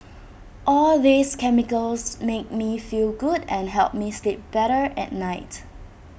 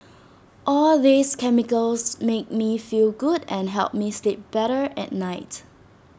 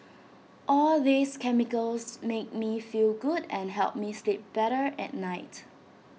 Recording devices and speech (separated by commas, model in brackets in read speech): boundary microphone (BM630), standing microphone (AKG C214), mobile phone (iPhone 6), read sentence